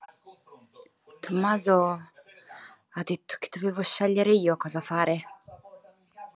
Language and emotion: Italian, sad